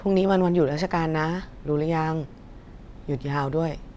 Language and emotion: Thai, neutral